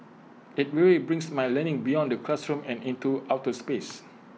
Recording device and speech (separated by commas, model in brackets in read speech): mobile phone (iPhone 6), read sentence